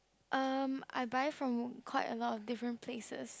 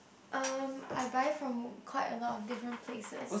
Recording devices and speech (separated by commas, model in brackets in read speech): close-talking microphone, boundary microphone, conversation in the same room